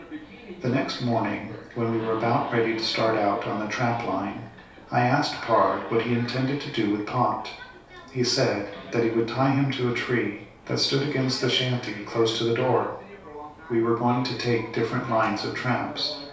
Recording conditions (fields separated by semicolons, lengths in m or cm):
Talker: one person; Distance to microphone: 3.0 m; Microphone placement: far; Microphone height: 1.8 m; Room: small (3.7 m by 2.7 m); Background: television